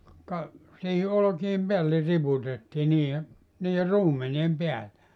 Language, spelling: Finnish, ka siihen olkien päälle riputettiin niiden niiden ruumenien päälle
- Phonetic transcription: ka , siihi 'olᵒki₍em 'peälle 'riputettii nii₍e , nii₍e "ruumeni₍em 'peäl(le) .

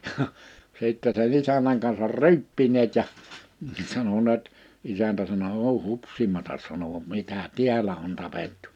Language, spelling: Finnish, ja sitten sen isännän kanssa ryyppineet ja sanoneet isäntä sanoi ole hupsimatta sanoi mitä täällä on tapettu
- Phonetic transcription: ja , 'sìttɛ se'ɴ ‿isäǹäŋ kansar "ry̬̬yppineet ja , 'sanoneet , 'isäntä sano » 'òuʰ "hupsimatas « sano » 'mitä "tiälä on 'tapettᴜ ?

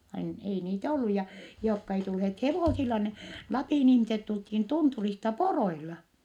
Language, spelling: Finnish, - ei niitä ollut ja jotka ei tulleet hevosilla ne Lapin ihmiset tultiin tunturista poroilla
- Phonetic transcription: ain- , ei niit(ä) ollu ja , jookka ei tulheet hevòsilla ne , Lapìn ihmiset tulthin tunturista poroila .

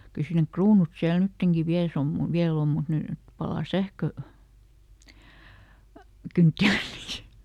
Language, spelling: Finnish, kyllä siinä ne kruunut siellä nytkin vielä se on - vielä on mutta nyt palaa - sähkökynttilöitä
- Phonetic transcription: kyl ˈsii nek "kruunut siäl ˈnytteŋki ˈviäl se om mu- , "viäl ‿om mut ˈnỳt , ˈpalaa ˈsähkö- , "-kyntti(löi) .

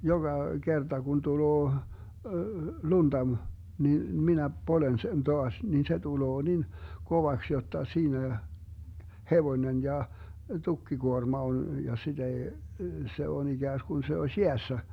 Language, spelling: Finnish, joka kerta kun tulee lunta - niin minä poljen sen taas niin se tulee niin kovaksi jotta siinä hevonen ja tukkikuorma on ja sitä ei se on ikään kuin se olisi jäässä
- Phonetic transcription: 'joGa 'Gerta kun 'tuloo , 'lunDa m- , nin , 'minä , 'polen sen 'toas , nin se 'tuloo nin , 'kovaks jotta 'siinä , 'hevonen ja , 'tukkiguorma on , ja 'siD ‿ei , 'se on 'iGääsGun se oś "jeässä .

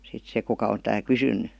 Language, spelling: Finnish, sitten se kuka on tämä kysynyt
- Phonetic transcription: sit 'se kuka on tää 'kysyn̆ny .

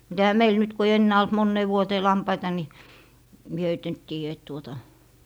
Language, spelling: Finnish, mutta eihän meillä nyt kun ei enää ollut moneen vuoteen lampaita niin minä heitä nyt tiedä että tuota
- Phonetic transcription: mut 'ehä "meil nyt ku ei "ennää olt 'monnee 'vuotee 'lampaita ni , mie höit nyt tiijä et tuota ,.

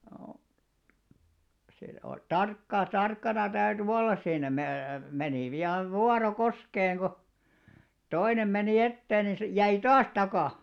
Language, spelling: Finnish, - se oli tarkkaa tarkkana täytyi olla siinä - meni pian vuoro koskeen kun toinen meni eteen niin se jäi taas taakse
- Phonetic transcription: o+- , se oi "tarkkaa 'tarkkana täyty 'wollas siinä mä- , menì viav 'vuaro "koskeeŋ ɢo , 'toinem meni "etteen ni se , 'jäi "taas 'takà .

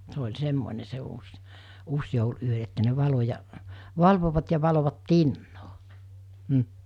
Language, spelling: Finnish, se oli semmoinen se uusi uusijoulu yö että ne valoi ja valvoivat ja valoivat tinaa mm
- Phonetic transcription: se oĺ 'semmone se uus , 'uusjoul₍ ’yö että ne 'valo ja , 'valvovat ja valovat "tinnoo , m̥ .

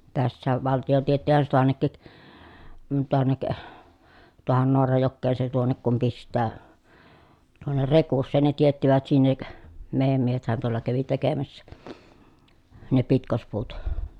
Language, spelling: Finnish, tässäkin valtio teettihän se taannekin tuonne tuohon Naarajokeen se tuonne kun pistää tuonne Rekuseen ne teettivät sinne meidän miehethän tuolla kävi tekemässä ne pitkospuut
- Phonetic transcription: tässääv valti₍o tiettihän se toannekkik , tuonnek , tuohon Noarajokkeen se tuonnek kum pist̆tää , tuonner Rekusseen ne tiettivät sinnek , mèi̮jäm miehethän tuol̀a kävi tekemässä , ne pitkospuut .

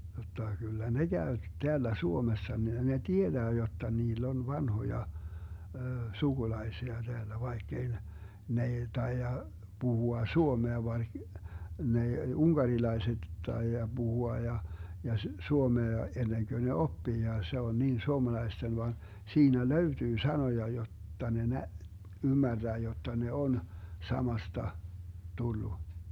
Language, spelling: Finnish, jotta kyllä ne käy täällä Suomessa ne tietää jotta niillä on vanhoja sukulaisia täällä vaikka ei ne ne ei taida puhua suomea vaan ne unkarilaiset taida puhua ja ja suomea ennen kuin ne oppii ja se on niin suomalaisten vaan siinä löytyy sanoja jotta ne - ymmärtää jotta ne on samasta tullut
- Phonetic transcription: jotta kyllä "ne 'Gäö , 'teällä 'Suomessa , 'ne "tieDää 'jotta 'niill ‿on 'vanhoja , 'suGulai̮sia Deällä 'vaikk ‿ei ne , n ‿ei 'taija , 'Buhua "suomea (van) , 'ne , "uŋGarilaeset 'taija 'Buhua ja , ja 'suomea 'enneŋkö ne "oppii ja 'se on 'niin 'suomalaisten van , 'siinä "löytyy 'sanoja 'jot̀ta ne 'nä- , 'ymmärDää jotta ne 'on , 'samasta , 'tullu .

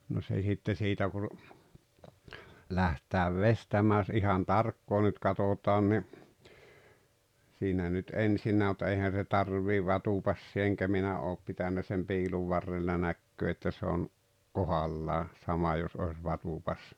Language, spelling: Finnish, no se sitten siitä kun lähdetään veistämään jos ihan tarkkaan nyt katsotaan niin siinä nyt ensinnäkin mutta eihän se tarvitse vatupassia enkä minä ole pitänyt sen piilun varrella näkee että se on kohdallaan sama jos olisi vatupassi
- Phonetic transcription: no se 'sitte siitä kun̬ , 'läht̀tääv "vestämää ʲᵒs 'ihan "tarkkoo nyt katotaan ni , siinä nyt "’ensinnää mut 'eihän̬ se "tarv̀iiv̆ "vatupassiᵃ eŋkä 'minä oop 'pitännä sem 'piiluv 'varrella "näkköö että se on , "kohallaa , 'sama jos oes 'vatupas- .

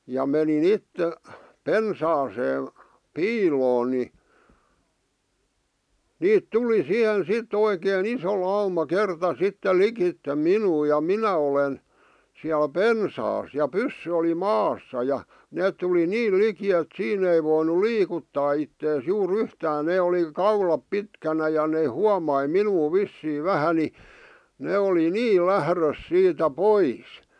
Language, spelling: Finnish, ja menin itse pensaaseen piiloon niin niitä tuli siihen sitten oikein iso lauma kerta sitten likitse minua ja minä olen siellä pensaassa ja pyssy oli maassa ja ne tuli niin liki että siinä ei voinut liikuttaa itseään juuri yhtään ne oli kaulat pitkänä ja ne huomasi minua vissiin vähän niin ne oli niin lähdössä siitä pois
- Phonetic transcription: ja meni'n ‿itte , "pensaasee , "piiloon ni , 'niit "tuli 'siʰen "sit oikee"n ‿iso lauma 'kerta 'sittel 'likitte "minuu ja "minä olen , siäl "pensaas , ja "pyssy oli "maassa ja , 'neet tuli "niil 'liki et 'siin ‿ei voinu "liikuttaa ittees 'juu'r ‿yhtään 'nee oli , "kaulap 'pitkänä ja nee "huamai "minuu "vissii "vähä ni , 'nee oli "nii "lährös siitä "pois .

